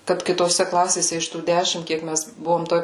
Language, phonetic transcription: Lithuanian, kad kitoˈse ˈklasėse iš tų ˈdešim ˈkiek ˈmes ˈbuvom ˈtoj

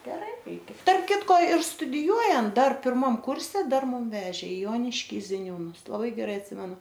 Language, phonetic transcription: Lithuanian, geˈrai ˈreikia tarp ˈkitko ir studiˈjuojant ˈdar pirˈmam ˈkurse ˈdar ˈmum ˈvežė i ˈjoniškį ziˈniūnus laˈbai geˈrai atˈsimenu

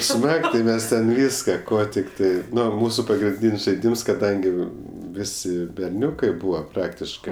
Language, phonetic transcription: Lithuanian, ˈsmag ti ˈmes ten ˈvyska ˈko tikˈtai ˈnu ˈmūsu pagrinˈdyn's' žaiˈdyms kaˈdangi ˈvisi berˈniukai ˈbūva ˈpraktiškɜ

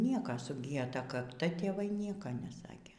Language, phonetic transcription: Lithuanian, ˈnieka suˈgyja ˈta kakˈta tėˈvai ˈnieka neˈsakė

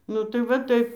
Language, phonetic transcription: Lithuanian, nu ˈtai va ˈtaip

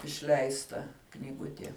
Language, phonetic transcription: Lithuanian, išˈleista knyˈgutie

